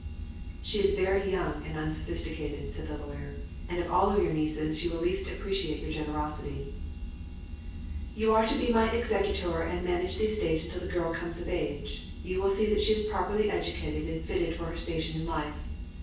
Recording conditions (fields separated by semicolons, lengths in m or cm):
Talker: one person; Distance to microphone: 9.8 m; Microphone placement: far; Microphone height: 1.8 m; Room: large; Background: none